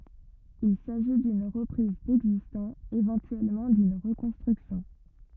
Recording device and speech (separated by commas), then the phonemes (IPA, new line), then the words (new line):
rigid in-ear microphone, read sentence
il saʒi dyn ʁəpʁiz dɛɡzistɑ̃ evɑ̃tyɛlmɑ̃ dyn ʁəkɔ̃stʁyksjɔ̃
Il s’agit d’une reprise d’existant, éventuellement d’une reconstruction.